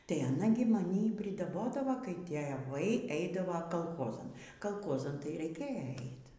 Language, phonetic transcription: Lithuanian, tai aˈna gi maˈny i pridaˈbodavo kai tėˈvai ˈeidavo kalˈchozan kalˈkozan tai reiˈkėja ˈeit

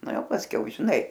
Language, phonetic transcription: Lithuanian, ˈna ˈjau pasˈkiau žiˈnai

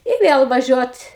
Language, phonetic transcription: Lithuanian, i ˈvėl vaˈžiuot

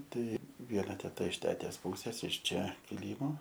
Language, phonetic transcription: Lithuanian, ˈtai ˈviena teˈta iš ˈtetės ˈpūsės iš ˈčia kiˈlymo

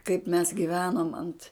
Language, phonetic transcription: Lithuanian, kaip mes giˈvenom ant

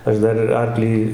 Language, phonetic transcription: Lithuanian, ˈaš ˈdar ir ˈarklį

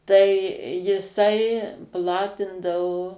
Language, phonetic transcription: Lithuanian, ˈtai jiˈsai ˈplatindavo

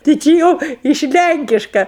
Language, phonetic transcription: Lithuanian, ti ˈči jau iš ˈlænkiška

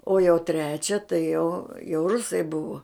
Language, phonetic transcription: Lithuanian, o jau ˈtrečia tai jau jau ˈrusai ˈbuvo

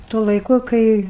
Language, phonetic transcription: Lithuanian, tuo laiˈku kai

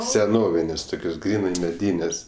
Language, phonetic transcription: Lithuanian, seˈnovinės' ˈtukios ˈgrynai meˈdynes'

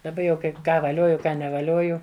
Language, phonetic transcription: Lithuanian, daˈba jau ˈkaip ˈką vaˈlioju ˈką nevaˈlioju

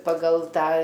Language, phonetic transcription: Lithuanian, paˈgal ˈtą

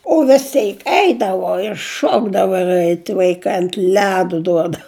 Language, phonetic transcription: Lithuanian, o vis ˈteik ˈeidavo ir ˈšokdavo ir ˈeit vaiˈkai ant ˈledu ˈduodau

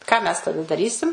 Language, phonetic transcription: Lithuanian, ką ˈmes taˈda daˈrysim

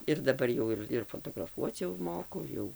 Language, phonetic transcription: Lithuanian, ir daˈbar jau ir ir fotograˈfuoc jau ˈmoku ˈjau

